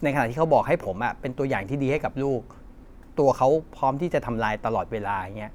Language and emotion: Thai, frustrated